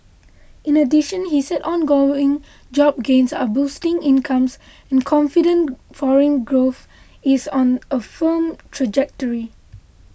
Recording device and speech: boundary microphone (BM630), read sentence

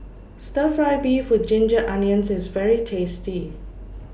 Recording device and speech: boundary microphone (BM630), read sentence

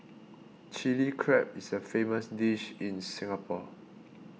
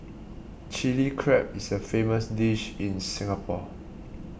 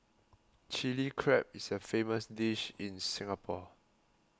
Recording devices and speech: mobile phone (iPhone 6), boundary microphone (BM630), close-talking microphone (WH20), read sentence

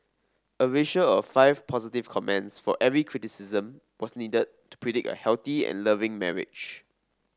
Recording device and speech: standing microphone (AKG C214), read sentence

